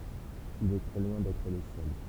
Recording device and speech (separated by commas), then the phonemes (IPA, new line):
temple vibration pickup, read sentence
il ɛ tʁɛ lwɛ̃ dɛtʁ lə sœl